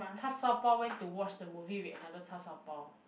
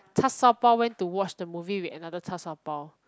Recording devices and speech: boundary microphone, close-talking microphone, conversation in the same room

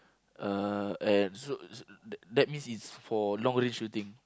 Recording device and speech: close-talking microphone, conversation in the same room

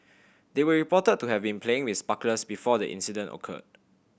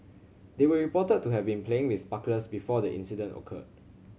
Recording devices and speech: boundary microphone (BM630), mobile phone (Samsung C7100), read sentence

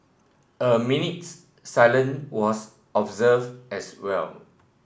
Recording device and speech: boundary microphone (BM630), read sentence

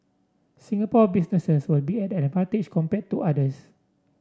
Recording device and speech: standing microphone (AKG C214), read sentence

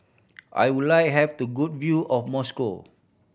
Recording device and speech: boundary microphone (BM630), read sentence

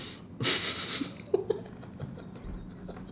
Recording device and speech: standing microphone, conversation in separate rooms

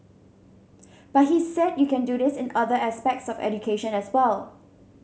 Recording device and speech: mobile phone (Samsung C7100), read sentence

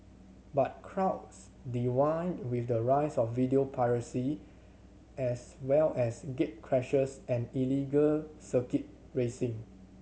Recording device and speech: mobile phone (Samsung C7100), read sentence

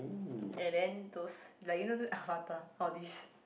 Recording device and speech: boundary microphone, conversation in the same room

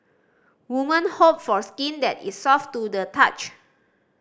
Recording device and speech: standing microphone (AKG C214), read sentence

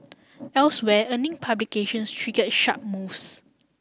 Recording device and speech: standing microphone (AKG C214), read sentence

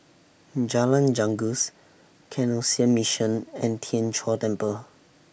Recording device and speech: boundary microphone (BM630), read sentence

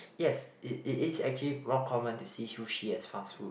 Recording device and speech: boundary microphone, conversation in the same room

